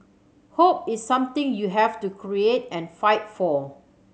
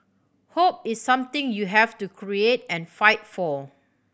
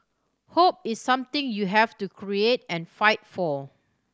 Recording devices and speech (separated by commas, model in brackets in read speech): mobile phone (Samsung C7100), boundary microphone (BM630), standing microphone (AKG C214), read sentence